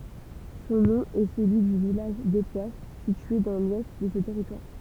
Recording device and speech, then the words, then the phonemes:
temple vibration pickup, read sentence
Son nom est celui du village d'Époisses, situé dans l'ouest de ce territoire.
sɔ̃ nɔ̃ ɛ səlyi dy vilaʒ depwas sitye dɑ̃ lwɛst də sə tɛʁitwaʁ

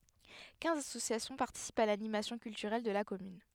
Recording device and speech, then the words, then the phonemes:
headset microphone, read sentence
Quinze associations participent à l’animation culturelle de la commune.
kɛ̃z asosjasjɔ̃ paʁtisipt a lanimasjɔ̃ kyltyʁɛl də la kɔmyn

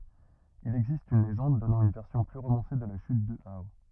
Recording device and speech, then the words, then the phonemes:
rigid in-ear microphone, read sentence
Il existe une légende donnant une version plus romancée de la chute de Hao.
il ɛɡzist yn leʒɑ̃d dɔnɑ̃ yn vɛʁsjɔ̃ ply ʁomɑ̃se də la ʃyt də ao

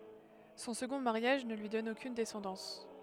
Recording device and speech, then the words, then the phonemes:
headset microphone, read sentence
Son second mariage ne lui donne aucune descendance.
sɔ̃ səɡɔ̃ maʁjaʒ nə lyi dɔn okyn dɛsɑ̃dɑ̃s

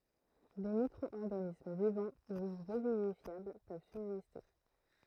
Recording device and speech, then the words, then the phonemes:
throat microphone, read sentence
Des micro-organismes vivants ou revivifiables peuvent subsister.
de mikʁɔɔʁɡanism vivɑ̃ u ʁəvivifjabl pøv sybziste

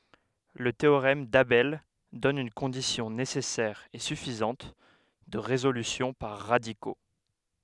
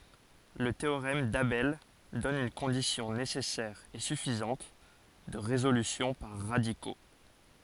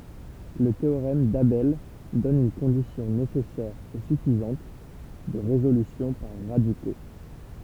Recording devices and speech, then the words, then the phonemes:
headset microphone, forehead accelerometer, temple vibration pickup, read sentence
Le théorème d'Abel donne une condition nécessaire et suffisante de résolution par radicaux.
lə teoʁɛm dabɛl dɔn yn kɔ̃disjɔ̃ nesɛsɛʁ e syfizɑ̃t də ʁezolysjɔ̃ paʁ ʁadiko

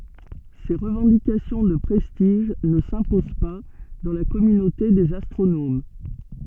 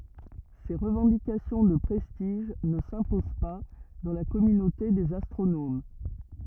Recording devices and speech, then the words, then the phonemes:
soft in-ear microphone, rigid in-ear microphone, read sentence
Ces revendications de prestige ne s'imposent pas dans la communauté des astronomes.
se ʁəvɑ̃dikasjɔ̃ də pʁɛstiʒ nə sɛ̃pozɑ̃ pa dɑ̃ la kɔmynote dez astʁonom

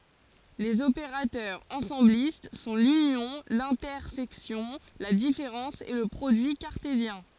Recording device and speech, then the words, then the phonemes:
forehead accelerometer, read sentence
Les opérateurs ensemblistes sont l'union, l'intersection, la différence et le produit cartésien.
lez opeʁatœʁz ɑ̃sɑ̃blist sɔ̃ lynjɔ̃ lɛ̃tɛʁsɛksjɔ̃ la difeʁɑ̃s e lə pʁodyi kaʁtezjɛ̃

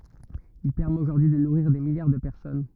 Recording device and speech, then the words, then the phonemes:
rigid in-ear microphone, read sentence
Il permet aujourd'hui de nourrir des milliards de personnes.
il pɛʁmɛt oʒuʁdyi də nuʁiʁ de miljaʁ də pɛʁsɔn

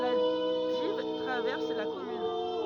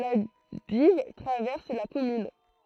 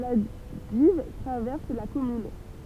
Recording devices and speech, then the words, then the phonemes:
rigid in-ear microphone, throat microphone, temple vibration pickup, read sentence
La Dives traverse la commune.
la div tʁavɛʁs la kɔmyn

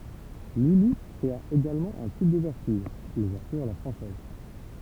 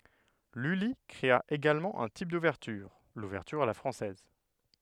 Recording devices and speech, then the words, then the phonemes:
temple vibration pickup, headset microphone, read sentence
Lully créa également un type d’ouverture, l’ouverture à la française.
lyli kʁea eɡalmɑ̃ œ̃ tip duvɛʁtyʁ luvɛʁtyʁ a la fʁɑ̃sɛz

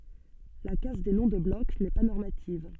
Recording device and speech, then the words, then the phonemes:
soft in-ear microphone, read sentence
La casse des noms de bloc n'est pas normative.
la kas de nɔ̃ də blɔk nɛ pa nɔʁmativ

